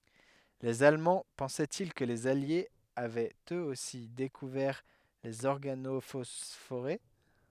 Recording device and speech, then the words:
headset microphone, read sentence
Les Allemands pensaient-ils que les Alliés avaient eux aussi découvert les organophosphorés?

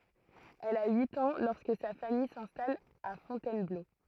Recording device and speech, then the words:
throat microphone, read sentence
Elle a huit ans lorsque sa famille s'installe à Fontainebleau.

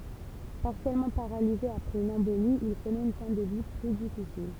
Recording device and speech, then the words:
temple vibration pickup, read sentence
Partiellement paralysé après une embolie, il connaît une fin de vie plus difficile.

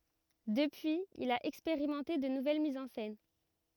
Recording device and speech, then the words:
rigid in-ear microphone, read sentence
Depuis, il a expérimenté de nouvelles mises en scène.

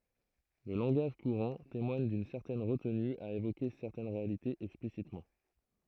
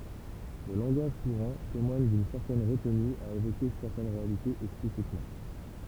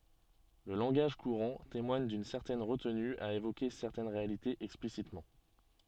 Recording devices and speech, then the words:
throat microphone, temple vibration pickup, soft in-ear microphone, read sentence
Le langage courant témoigne d'une certaine retenue à évoquer certaines réalités explicitement.

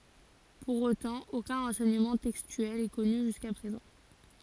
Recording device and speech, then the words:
forehead accelerometer, read sentence
Pour autant, aucun renseignement textuel est connu jusqu'à présent.

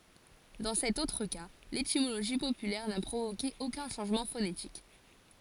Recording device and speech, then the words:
forehead accelerometer, read sentence
Dans cet autre cas, l'étymologie populaire n'a provoqué aucun changement phonétique.

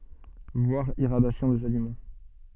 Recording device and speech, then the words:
soft in-ear microphone, read sentence
Voir Irradiation des aliments.

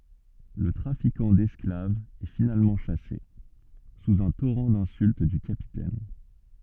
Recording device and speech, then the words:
soft in-ear microphone, read sentence
Le trafiquant d'esclaves est finalement chassé, sous un torrent d'insultes du Capitaine.

